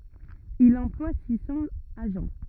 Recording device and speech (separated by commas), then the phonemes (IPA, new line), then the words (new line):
rigid in-ear microphone, read sentence
il ɑ̃plwa si sɑ̃z aʒɑ̃
Il emploie six cents agents.